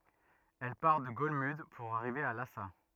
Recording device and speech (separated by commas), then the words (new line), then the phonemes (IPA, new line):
rigid in-ear microphone, read sentence
Elle part de Golmud pour arriver à Lhassa.
ɛl paʁ də ɡɔlmyd puʁ aʁive a lasa